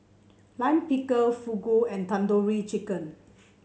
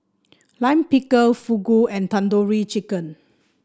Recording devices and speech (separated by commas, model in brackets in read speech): mobile phone (Samsung C7), standing microphone (AKG C214), read sentence